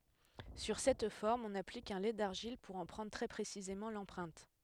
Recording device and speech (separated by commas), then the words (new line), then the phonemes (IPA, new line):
headset microphone, read sentence
Sur cette forme, on applique un lait d'argile, pour en prendre très précisément l'empreinte.
syʁ sɛt fɔʁm ɔ̃n aplik œ̃ lɛ daʁʒil puʁ ɑ̃ pʁɑ̃dʁ tʁɛ pʁesizemɑ̃ lɑ̃pʁɛ̃t